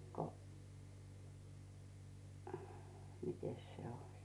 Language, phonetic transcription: Finnish, ko , 'mites se oĺ .
- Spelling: kun mitenkäs se oli

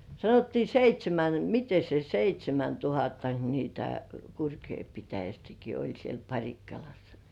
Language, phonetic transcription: Finnish, 'sanottii "seit́śemän , 'mite se "seit́śemäntuhattak nitä 'Kurkjoi pitäjästäki oĺ siel 'Paŕikkalassᴀ .
- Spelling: sanottiin seitsemän miten se seitsemäntuhattako niitä Kurkijoen pitäjästäkin oli siellä Parikkalassa

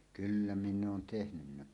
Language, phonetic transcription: Finnish, kyllä 'minn ‿oon 'tehnynnä .
- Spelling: kyllä minä olen tehnyt

